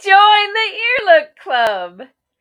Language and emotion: English, happy